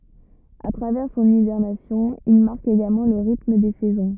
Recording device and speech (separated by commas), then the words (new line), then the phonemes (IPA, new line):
rigid in-ear microphone, read sentence
A travers son hibernation, il marque également le rythme des saisons.
a tʁavɛʁ sɔ̃n ibɛʁnasjɔ̃ il maʁk eɡalmɑ̃ lə ʁitm de sɛzɔ̃